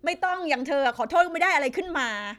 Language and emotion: Thai, angry